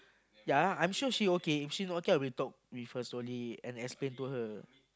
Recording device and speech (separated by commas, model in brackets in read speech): close-talking microphone, conversation in the same room